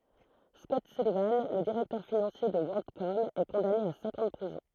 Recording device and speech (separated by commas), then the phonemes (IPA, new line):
throat microphone, read sentence
skɔt sylivɑ̃ lə diʁɛktœʁ finɑ̃sje də wɔʁldkɔm ɛ kɔ̃dane a sɛ̃k ɑ̃ də pʁizɔ̃